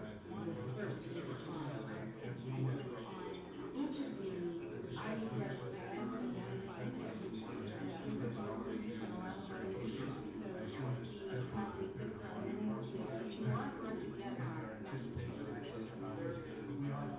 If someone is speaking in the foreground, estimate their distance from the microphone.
No main talker.